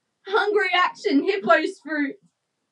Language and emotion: English, sad